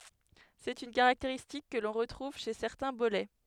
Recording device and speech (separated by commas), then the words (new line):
headset microphone, read sentence
C'est une caractéristique que l'on retrouve chez certains bolets.